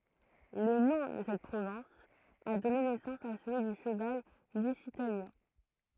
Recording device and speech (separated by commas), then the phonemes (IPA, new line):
throat microphone, read sentence
lə nɔ̃ də sɛt pʁovɛ̃s a dɔne nɛsɑ̃s a səlyi dy ʃəval lyzitanjɛ̃